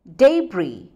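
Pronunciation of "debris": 'debris' is pronounced correctly here, with the s silent.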